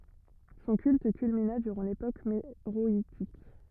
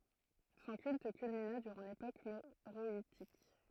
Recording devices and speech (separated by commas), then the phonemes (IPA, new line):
rigid in-ear microphone, throat microphone, read sentence
sɔ̃ kylt kylmina dyʁɑ̃ lepok meʁɔitik